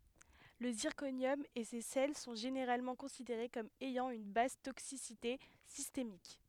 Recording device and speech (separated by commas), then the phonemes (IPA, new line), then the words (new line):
headset microphone, read sentence
lə ziʁkonjɔm e se sɛl sɔ̃ ʒeneʁalmɑ̃ kɔ̃sideʁe kɔm ɛjɑ̃ yn bas toksisite sistemik
Le zirconium et ses sels sont généralement considérés comme ayant une basse toxicité systémique.